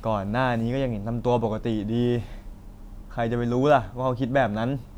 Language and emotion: Thai, frustrated